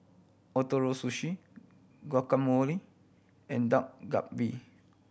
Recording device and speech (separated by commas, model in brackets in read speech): boundary microphone (BM630), read sentence